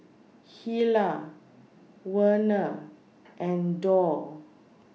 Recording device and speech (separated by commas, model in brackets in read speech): mobile phone (iPhone 6), read sentence